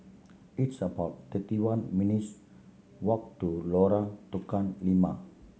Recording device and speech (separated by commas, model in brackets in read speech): mobile phone (Samsung C7100), read sentence